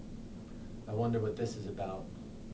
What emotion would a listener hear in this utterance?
neutral